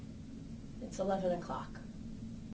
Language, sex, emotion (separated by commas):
English, female, neutral